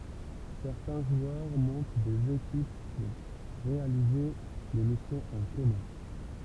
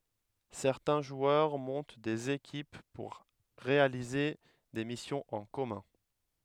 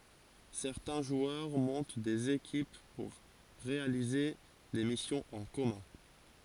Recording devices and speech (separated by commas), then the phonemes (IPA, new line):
temple vibration pickup, headset microphone, forehead accelerometer, read sentence
sɛʁtɛ̃ ʒwœʁ mɔ̃t dez ekip puʁ ʁealize de misjɔ̃z ɑ̃ kɔmœ̃